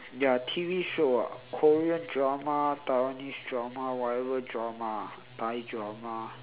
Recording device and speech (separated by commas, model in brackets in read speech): telephone, conversation in separate rooms